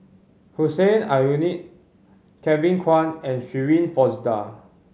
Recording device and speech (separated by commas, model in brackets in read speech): mobile phone (Samsung C5010), read sentence